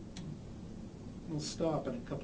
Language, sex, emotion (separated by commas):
English, male, neutral